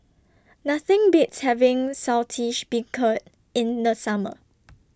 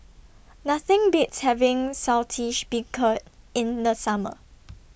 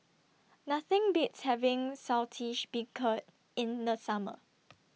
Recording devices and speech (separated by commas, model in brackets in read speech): standing microphone (AKG C214), boundary microphone (BM630), mobile phone (iPhone 6), read sentence